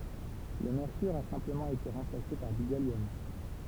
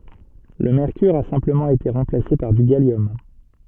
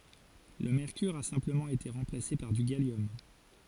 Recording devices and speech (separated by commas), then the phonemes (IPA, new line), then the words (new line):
temple vibration pickup, soft in-ear microphone, forehead accelerometer, read sentence
lə mɛʁkyʁ a sɛ̃pləmɑ̃ ete ʁɑ̃plase paʁ dy ɡaljɔm
Le mercure a simplement été remplacé par du gallium.